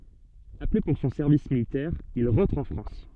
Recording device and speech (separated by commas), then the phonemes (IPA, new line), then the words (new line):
soft in-ear microphone, read sentence
aple puʁ sɔ̃ sɛʁvis militɛʁ il ʁɑ̃tʁ ɑ̃ fʁɑ̃s
Appelé pour son service militaire, il rentre en France.